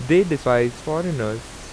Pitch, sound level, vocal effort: 135 Hz, 87 dB SPL, loud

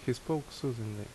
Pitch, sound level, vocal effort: 130 Hz, 72 dB SPL, normal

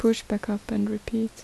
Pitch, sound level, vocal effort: 220 Hz, 73 dB SPL, soft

